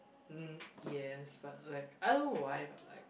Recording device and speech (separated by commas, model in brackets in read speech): boundary microphone, conversation in the same room